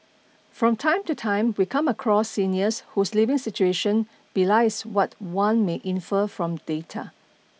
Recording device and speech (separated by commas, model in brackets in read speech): mobile phone (iPhone 6), read sentence